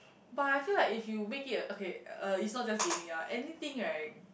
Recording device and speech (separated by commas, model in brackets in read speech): boundary microphone, conversation in the same room